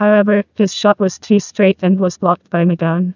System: TTS, neural waveform model